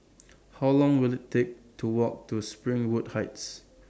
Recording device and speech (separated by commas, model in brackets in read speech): standing microphone (AKG C214), read sentence